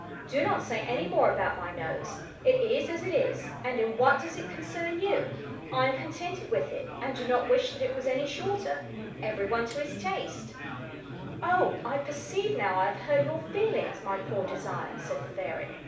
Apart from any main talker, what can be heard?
Crowd babble.